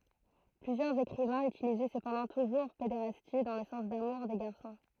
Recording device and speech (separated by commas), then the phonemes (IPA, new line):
throat microphone, read sentence
plyzjœʁz ekʁivɛ̃z ytilizɛ səpɑ̃dɑ̃ tuʒuʁ pedeʁasti dɑ̃ lə sɑ̃s damuʁ de ɡaʁsɔ̃